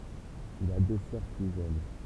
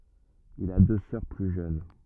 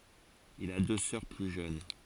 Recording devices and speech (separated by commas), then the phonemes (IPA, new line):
temple vibration pickup, rigid in-ear microphone, forehead accelerometer, read sentence
il a dø sœʁ ply ʒøn